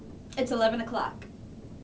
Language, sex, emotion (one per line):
English
female
neutral